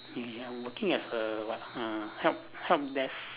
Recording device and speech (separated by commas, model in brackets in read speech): telephone, conversation in separate rooms